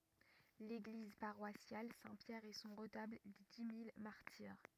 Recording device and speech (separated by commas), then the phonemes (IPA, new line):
rigid in-ear microphone, read sentence
leɡliz paʁwasjal sɛ̃ pjɛʁ e sɔ̃ ʁətabl de di mil maʁtiʁ